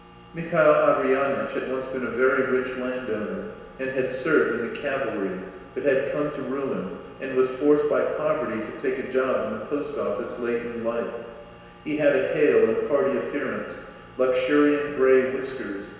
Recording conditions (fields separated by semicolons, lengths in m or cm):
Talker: one person; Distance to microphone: 1.7 m; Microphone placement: close; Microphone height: 1.0 m; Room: very reverberant, large; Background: none